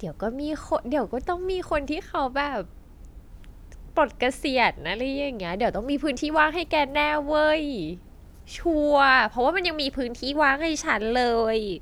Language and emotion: Thai, happy